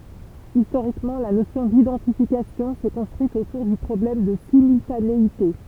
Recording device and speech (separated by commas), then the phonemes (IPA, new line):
temple vibration pickup, read sentence
istoʁikmɑ̃ la nosjɔ̃ didɑ̃tifikasjɔ̃ sɛ kɔ̃stʁyit otuʁ dy pʁɔblɛm də simyltaneite